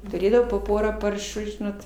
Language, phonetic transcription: Lithuanian, tuˈrėdavau po ˈporą ˈparšų ˈžinot

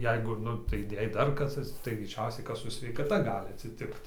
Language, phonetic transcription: Lithuanian, ˈjeigu ˈnu tai ˈjei ˈdar ˈkas atsiˈtiks tai greiˈčiausiai ˈkas ˈsu sveikaˈta ˈgali atsiˈtikt

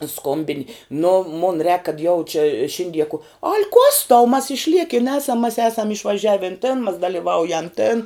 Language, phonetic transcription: Lithuanian, ˈskombini nu mun rēk kad jau či ˈšindie ku al' kuos tau mas išˈliekin ˈesam mas ˈesam išvaˈžiavin tin mas daliˈvaujam tin

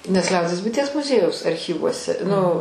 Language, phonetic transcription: Lithuanian, nes ˈliaudies buiˈties muˈziejaus arˈchyvuose nu

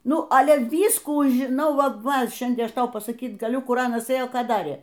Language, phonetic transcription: Lithuanian, ˈnu ˈale ˈvyskų žiˈnau ˈva ˈva ˈšiandien ˈaš ˈtau pasaˈkyt gaˈliu ˈkur ˈanas ˈėjo ˈką ˈdarė

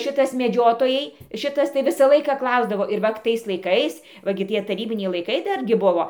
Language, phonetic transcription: Lithuanian, ˈšitas meˈdžiotojai ˈšitas tai ˈvisą ˈlaiką ˈklausdavo ir ˈvat tais laiˈkais va ˈgi ˈtie taˈrybiniai laiˈkai ˈdargi ˈbuvo

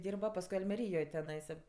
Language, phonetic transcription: Lithuanian, ˈdyrba pasˈkui almeˈryjoj teˈnaisa

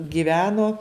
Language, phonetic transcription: Lithuanian, giˈveno

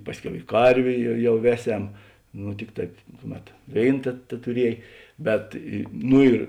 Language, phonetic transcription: Lithuanian, ˈpasˌkiau i ˈkarvė ja ˈjau ˈveˌsem nu ˈtikˌ taip ˈkuˌmet ˈvėin te tetuˈriej ˈbet i ˈnu ir

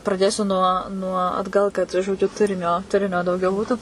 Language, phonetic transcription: Lithuanian, praˈdėsiu nuo nuo atˈgal kad žoˈdžiu ˈturinio ˈturinio dauˈgiau ˈbūtu

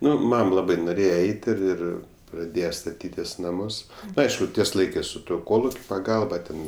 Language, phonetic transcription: Lithuanian, ˈnu ˈmam ˈlabai noˈrėje ˈeit' ir ˈir praˈdėje staˈtytis ˈnamus ˈaišku ˈties ˈlaikɜs su ˈtuo ˈkolukiu paˈgalba ˈten

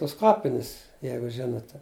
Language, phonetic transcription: Lithuanian, tus ˈkapinis ˈjeigu ˈžinote

